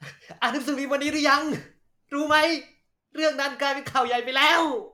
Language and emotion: Thai, happy